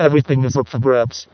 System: VC, vocoder